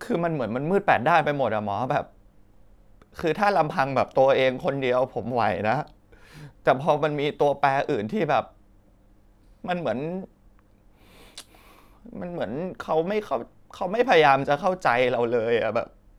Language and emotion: Thai, sad